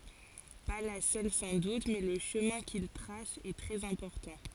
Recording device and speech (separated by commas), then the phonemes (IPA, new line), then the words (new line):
forehead accelerometer, read sentence
pa la sœl sɑ̃ dut mɛ lə ʃəmɛ̃ kil tʁas ɛ tʁɛz ɛ̃pɔʁtɑ̃
Pas la seule sans doute, mais le chemin qu'il trace est très important.